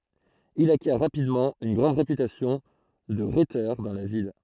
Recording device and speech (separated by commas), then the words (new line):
throat microphone, read sentence
Il acquiert rapidement une grande réputation de rhéteur dans la ville.